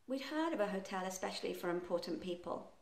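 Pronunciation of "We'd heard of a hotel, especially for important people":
The sentence is said quite quickly, as fast natural speech, with the short form 'we'd heard' rather than 'we had heard'.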